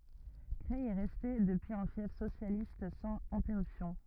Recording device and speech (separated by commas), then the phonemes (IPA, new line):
rigid in-ear microphone, read sentence
kʁɛj ɛ ʁɛste dəpyiz œ̃ fjɛf sosjalist sɑ̃z ɛ̃tɛʁypsjɔ̃